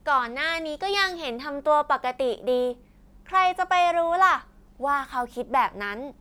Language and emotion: Thai, happy